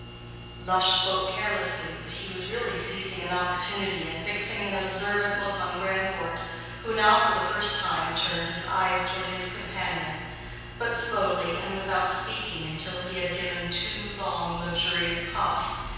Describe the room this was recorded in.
A large, echoing room.